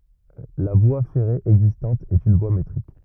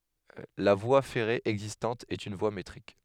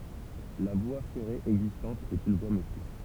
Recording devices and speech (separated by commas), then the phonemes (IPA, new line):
rigid in-ear microphone, headset microphone, temple vibration pickup, read sentence
la vwa fɛʁe ɛɡzistɑ̃t ɛt yn vwa metʁik